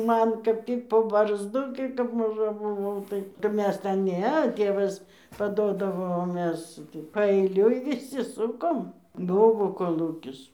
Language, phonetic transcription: Lithuanian, ˈman kap ˈtyk po barzˈdu gi kap maˈža buˈvau ˈtai ˈmes ten ˈne ˈtėvas paˈdodavo o ˈmes gi paeiˈliui viˈsi ˈsukom ˈbuvo koˈlūkis

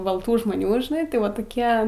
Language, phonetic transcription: Lithuanian, balˈtų žmoˈnių žiˈnai tai ˈva toˈkie

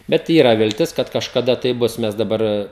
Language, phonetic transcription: Lithuanian, bet ˈyra vilˈtis kad kažkaˈda tai ˈbus ˈmes daˈbar

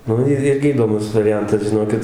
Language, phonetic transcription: Lithuanian, ˈnu ir ˈirgi įdoˈmus variˈjantas žiˈnokit

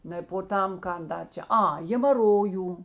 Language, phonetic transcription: Lithuanian, ˈnai po ˈtam ˈkan ˈdar ˈčia ˈa hėmaˈrojų

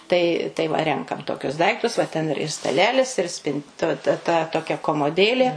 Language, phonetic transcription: Lithuanian, tai tai ˈva ˈrenkam toˈkius ˈdaiktus va ˈten ir ir staˈlelis ir spin tu ˈta ta toˈkia komoˈdėlė

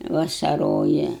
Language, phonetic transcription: Lithuanian, vasaˈroja

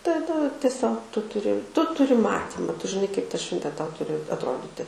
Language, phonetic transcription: Lithuanian, taˈda tieˈsiog ˈtu tuˈri ˈtu tuˈri ˈmatyma ˈtu žiˈnai kaip ta ˈšventė ˈtau ˈturi atˈroditi

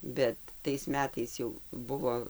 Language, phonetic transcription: Lithuanian, ˈbet tais ˈmetais jau ˈbuvo

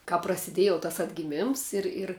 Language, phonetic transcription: Lithuanian, kāp prasiˈdėj jau tas atgiˈmims ˈir ir

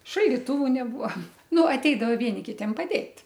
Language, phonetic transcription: Lithuanian, šaldiˈtuvu neˈbua ˈnu aˈteidava ˈvieni ˈkitiem paˈdėt'

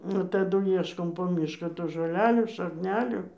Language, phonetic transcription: Lithuanian, nu taˈdu ˈieškom po ˈmyšką tų žoˈlelių šakˈnelių

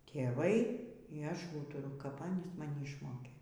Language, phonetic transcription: Lithuanian, tėˈvai y ˈaš ˈūturu kap ˈanys maˈni išˈmokė

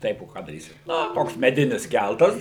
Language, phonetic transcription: Lithuanian, ˈtaip o ˈką daˈrysi ˈna ˈtoks meˈdinis ˈkæltas

